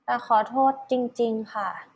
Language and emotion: Thai, sad